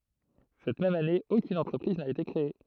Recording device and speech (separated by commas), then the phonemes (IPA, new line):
throat microphone, read sentence
sɛt mɛm ane okyn ɑ̃tʁəpʁiz na ete kʁee